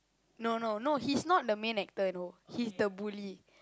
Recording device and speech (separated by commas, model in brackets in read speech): close-talking microphone, conversation in the same room